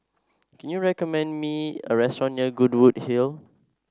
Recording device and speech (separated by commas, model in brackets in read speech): standing microphone (AKG C214), read sentence